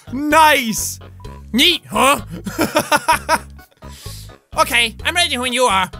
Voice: Gruff, lispy voice